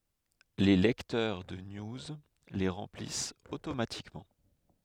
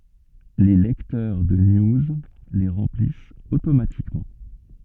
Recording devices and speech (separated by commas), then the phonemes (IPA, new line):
headset microphone, soft in-ear microphone, read sentence
le lɛktœʁ də niuz le ʁɑ̃plist otomatikmɑ̃